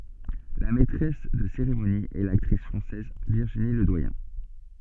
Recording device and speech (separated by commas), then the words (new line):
soft in-ear microphone, read sentence
La maîtresse de cérémonie est l'actrice française Virginie Ledoyen.